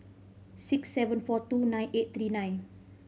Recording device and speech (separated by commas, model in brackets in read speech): mobile phone (Samsung C5010), read sentence